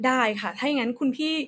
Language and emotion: Thai, neutral